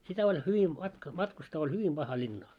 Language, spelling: Finnish, sitä oli hyvin - matkustaa oli hyvin paha linnaan
- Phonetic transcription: sitä oĺ 'hyvi matk- , 'matkustaa oĺ "hyvim ʙaha 'ĺinnaa .

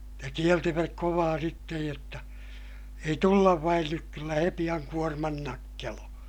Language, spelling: Finnish, ja kielsivät kovaa sitten jotta ei tulla vain nyt kyllä he pian kuorman nakkelee
- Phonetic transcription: ja kieltiväk kovaa sittej jotta , » ei tullav vain nyk - kyllä he piʲaŋ kuorman nakkeloo » .

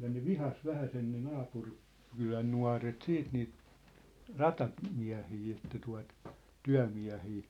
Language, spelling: Finnish, ja ne vihasi vähäisen ne - naapurikylän nuoret sitten niitä - ratamiehiä että tuota työmiehiä
- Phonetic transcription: ja ne "vihas 'vähäsen ne 'naapur- , '-kylän 'nua̭ret "siit niit , "rata- , '-miä̭hii että tua̭t , "tyä̭miä̭hii .

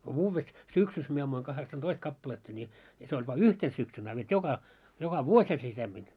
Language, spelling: Finnish, kun vuodessa syksyssä minä ammuin kahdeksantoista kappaletta niin ja se oli vain yhtenä syksynä a vet joka joka vuosihan se semmoinen
- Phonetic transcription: ko 'vuuvves , 'syksys mie ammuiŋ 'kaheksan"toist 'kappaletta ńi , ja se oĺ va "yhten syksyn a vet "joka , joka "vuośha se semmin .

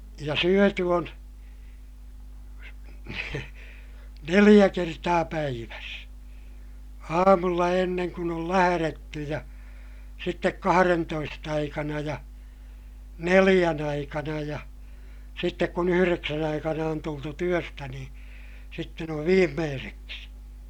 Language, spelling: Finnish, ja syöty on neljä kertaa päivässä aamulla ennen kuin on lähdetty ja sitten kahdentoista aikana ja neljän aikana ja sitten kun yhdeksän aikana on tultu työstä niin sitten on viimeiseksi
- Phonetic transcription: ja syöty on , neliʲä kertaa päiväs : aamulla enneŋ kun ‿ol lähäretty ja , sittek kaharentoist ‿aikana ja , neliʲän ‿aikana ja , sittek kun ‿yhyreksän ‿aikana on tultu työstä niḭ , sitten ‿ov viimmeeseksi .

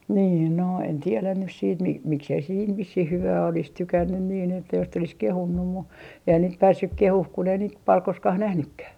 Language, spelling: Finnish, niin no en tiedä nyt sitten - miksi ei se siinä vissiin hyvää olisi tykännyt niin että jos sitten olisi kehunut mutta eihän niitä päässyt kehumaan kun ei niitä paljon koskaan nähnytkään
- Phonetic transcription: niin no , en 'tielän nys siit mi - 'miksei se siin 'vissih "hyvää olis "tykännyn niin että jos sit ‿olis "kehunnum mu , 'eihän niit 'päässyk "kehuh kun ‿ei niit 'pal 'koskah "nähnykkäh .

